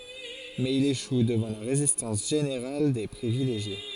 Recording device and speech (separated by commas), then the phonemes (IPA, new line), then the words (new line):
forehead accelerometer, read sentence
mɛz il eʃu dəvɑ̃ la ʁezistɑ̃s ʒeneʁal de pʁivileʒje
Mais il échoue devant la résistance générale des privilégiés.